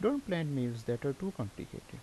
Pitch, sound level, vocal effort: 130 Hz, 80 dB SPL, normal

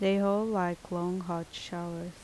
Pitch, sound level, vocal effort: 175 Hz, 78 dB SPL, normal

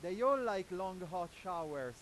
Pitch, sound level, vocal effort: 180 Hz, 102 dB SPL, very loud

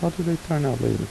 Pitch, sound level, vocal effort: 155 Hz, 80 dB SPL, soft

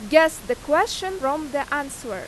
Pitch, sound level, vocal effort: 285 Hz, 93 dB SPL, very loud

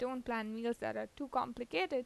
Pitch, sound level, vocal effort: 245 Hz, 87 dB SPL, normal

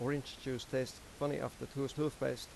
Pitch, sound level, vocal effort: 135 Hz, 85 dB SPL, normal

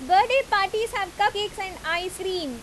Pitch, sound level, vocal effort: 390 Hz, 92 dB SPL, very loud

